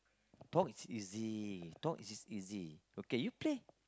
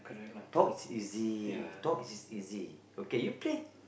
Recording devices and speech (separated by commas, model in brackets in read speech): close-talking microphone, boundary microphone, conversation in the same room